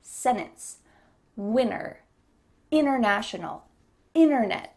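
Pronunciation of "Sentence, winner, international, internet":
In 'sentence', 'international' and 'internet', the T after the n is dropped completely and is not heard.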